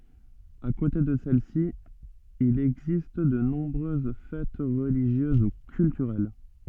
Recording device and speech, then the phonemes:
soft in-ear microphone, read sentence
a kote də sɛlɛsi il ɛɡzist də nɔ̃bʁøz fɛt ʁəliʒjøz u kyltyʁɛl

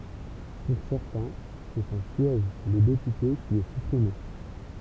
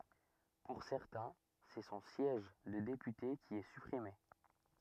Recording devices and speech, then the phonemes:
temple vibration pickup, rigid in-ear microphone, read sentence
puʁ sɛʁtɛ̃ sɛ sɔ̃ sjɛʒ də depyte ki ɛ sypʁime

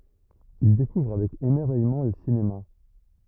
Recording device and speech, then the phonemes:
rigid in-ear microphone, read sentence
il dekuvʁ avɛk emɛʁvɛjmɑ̃ lə sinema

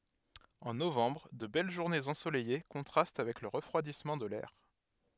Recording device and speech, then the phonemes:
headset microphone, read sentence
ɑ̃ novɑ̃bʁ də bɛl ʒuʁnez ɑ̃solɛje kɔ̃tʁast avɛk lə ʁəfʁwadismɑ̃ də lɛʁ

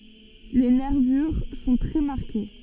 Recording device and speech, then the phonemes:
soft in-ear microphone, read sentence
le nɛʁvyʁ sɔ̃ tʁɛ maʁke

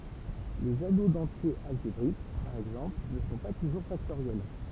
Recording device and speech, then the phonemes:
temple vibration pickup, read sentence
lez ano dɑ̃tjez alʒebʁik paʁ ɛɡzɑ̃pl nə sɔ̃ pa tuʒuʁ faktoʁjɛl

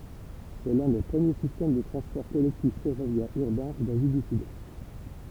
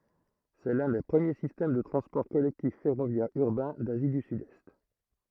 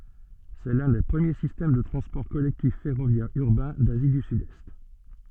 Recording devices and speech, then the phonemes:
temple vibration pickup, throat microphone, soft in-ear microphone, read sentence
sɛ lœ̃ de pʁəmje sistɛm də tʁɑ̃spɔʁ kɔlɛktif fɛʁovjɛʁz yʁbɛ̃ dazi dy sydɛst

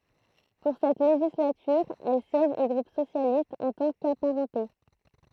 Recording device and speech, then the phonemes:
throat microphone, read sentence
puʁ sɛt leʒislatyʁ ɛl sjɛʒ o ɡʁup sosjalist ɑ̃ tɑ̃ kapaʁɑ̃te

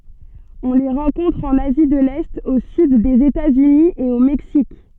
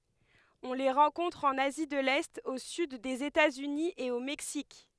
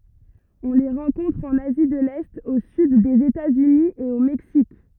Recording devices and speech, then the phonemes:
soft in-ear microphone, headset microphone, rigid in-ear microphone, read sentence
ɔ̃ le ʁɑ̃kɔ̃tʁ ɑ̃n azi də lɛt o syd dez etatsyni e o mɛksik

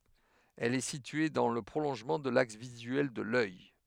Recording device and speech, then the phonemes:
headset microphone, read sentence
ɛl ɛ sitye dɑ̃ lə pʁolɔ̃ʒmɑ̃ də laks vizyɛl də lœj

